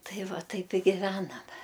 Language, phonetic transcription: Lithuanian, ˈtai ˈva ˈtaip i giˈvename

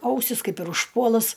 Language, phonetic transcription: Lithuanian, ˈausis ˈkaip ir užˈpuolus

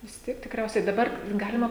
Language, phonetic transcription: Lithuanian, vis ˈtiek tikˈriausiai daˈbar ˈgalima

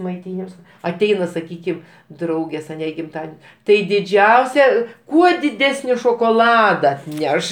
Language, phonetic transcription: Lithuanian, maiˈtynims aˈteina saˈkykim ˈdraugės aˈne i gimˈtaden' tai diˈdžiausia ˈkuo diˈdesni šokoˈlada atˈneš

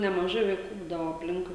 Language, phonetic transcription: Lithuanian, nemaˈžai vaiˈkų ˈbūdavo apˈlinkui

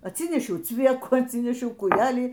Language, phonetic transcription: Lithuanian, atˈsynešiau ˈcviekų atˈsynešiau kūˈjelį

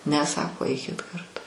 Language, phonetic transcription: Lithuanian, ˈne ˈsako ˈaikit karˈtu

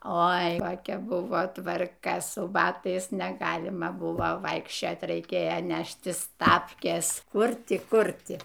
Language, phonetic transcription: Lithuanian, ˈoi koˈkia ˈbuvo tvarˈka su ˈbatais neˈgalima ˈbuvo ˈvaikščiot' raiˈkėjo ˈneštis ˈtapkės ˈkur ˈti ˈkur ˈti

